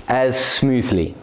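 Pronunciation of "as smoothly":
'As' and 'smoothly' are linked: the final consonant sound of 'as' and the similar first sound of 'smoothly' run together, so the two words sound like one continuous sound.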